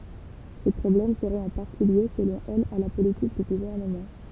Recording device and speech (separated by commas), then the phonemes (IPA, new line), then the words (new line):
temple vibration pickup, read sentence
se pʁɔblɛm səʁɛt ɑ̃ paʁti lje səlɔ̃ ɛl a la politik dy ɡuvɛʁnəmɑ̃
Ces problèmes seraient en partie liés, selon elle, à la politique du gouvernement.